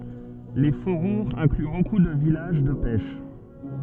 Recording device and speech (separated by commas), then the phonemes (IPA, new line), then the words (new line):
soft in-ear microphone, read sentence
le fobuʁz ɛ̃kly boku də vilaʒ də pɛʃ
Les faubourgs incluent beaucoup de villages de pêche.